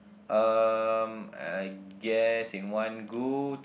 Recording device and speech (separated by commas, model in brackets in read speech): boundary microphone, conversation in the same room